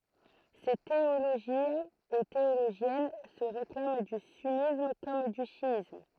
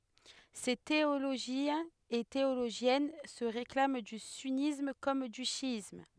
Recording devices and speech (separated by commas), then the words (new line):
throat microphone, headset microphone, read sentence
Ces théologiens et théologiennes se réclament du sunnisme comme du chiisme.